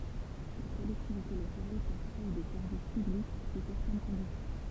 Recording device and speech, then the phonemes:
temple vibration pickup, read sentence
le kɔlɛktivite lokal pøv kʁee de sɛʁvis pyblik su sɛʁtɛn kɔ̃disjɔ̃

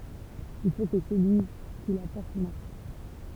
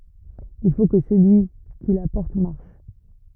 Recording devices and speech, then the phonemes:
temple vibration pickup, rigid in-ear microphone, read sentence
il fo kə səlyi ki la pɔʁt maʁʃ

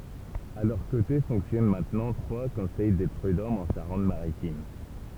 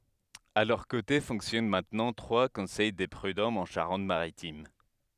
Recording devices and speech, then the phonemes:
temple vibration pickup, headset microphone, read sentence
a lœʁ kote fɔ̃ksjɔn mɛ̃tnɑ̃ tʁwa kɔ̃sɛj de pʁydɔmz ɑ̃ ʃaʁɑ̃t maʁitim

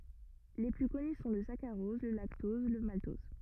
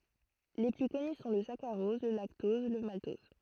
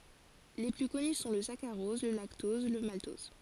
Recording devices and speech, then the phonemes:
rigid in-ear microphone, throat microphone, forehead accelerometer, read sentence
le ply kɔny sɔ̃ lə sakaʁɔz lə laktɔz lə maltɔz

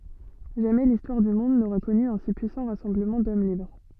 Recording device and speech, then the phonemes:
soft in-ear microphone, read sentence
ʒamɛ listwaʁ dy mɔ̃d noʁa kɔny œ̃ si pyisɑ̃ ʁasɑ̃bləmɑ̃ dɔm libʁ

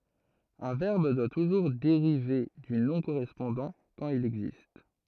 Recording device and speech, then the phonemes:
throat microphone, read sentence
œ̃ vɛʁb dwa tuʒuʁ deʁive dy nɔ̃ koʁɛspɔ̃dɑ̃ kɑ̃t il ɛɡzist

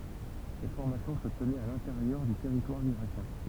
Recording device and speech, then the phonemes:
temple vibration pickup, read sentence
sɛt fɔʁmasjɔ̃ sə tənɛt a lɛ̃teʁjœʁ dy tɛʁitwaʁ iʁakjɛ̃

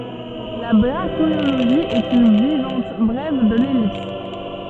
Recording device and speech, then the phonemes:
soft in-ear microphone, read sentence
la bʁaʃiloʒi ɛt yn vaʁjɑ̃t bʁɛv də lɛlips

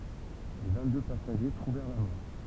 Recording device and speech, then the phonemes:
temple vibration pickup, read sentence
le vɛ̃tdø pasaʒe tʁuvɛʁ la mɔʁ

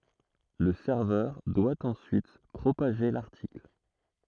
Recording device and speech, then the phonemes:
throat microphone, read sentence
lə sɛʁvœʁ dwa ɑ̃syit pʁopaʒe laʁtikl

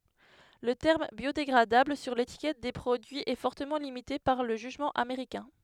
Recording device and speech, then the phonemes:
headset microphone, read sentence
lə tɛʁm bjodeɡʁadabl syʁ letikɛt de pʁodyiz ɛ fɔʁtəmɑ̃ limite paʁ lə ʒyʒmɑ̃ ameʁikɛ̃

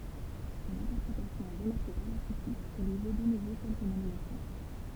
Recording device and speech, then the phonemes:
temple vibration pickup, read sentence
sɔ̃n ɛ̃tɛʁpʁetasjɔ̃ ɛ ʁəmaʁke paʁ la kʁitik e lyi vo də nuvo kɛlkə nominasjɔ̃

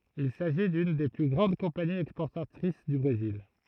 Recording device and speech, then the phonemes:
throat microphone, read sentence
il saʒi dyn de ply ɡʁɑ̃d kɔ̃paniz ɛkspɔʁtatʁis dy bʁezil

